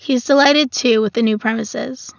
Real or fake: real